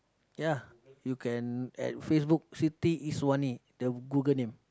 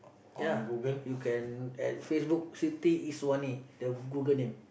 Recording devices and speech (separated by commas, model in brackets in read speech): close-talking microphone, boundary microphone, conversation in the same room